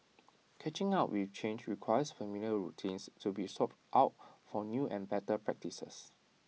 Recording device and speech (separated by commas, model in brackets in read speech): mobile phone (iPhone 6), read sentence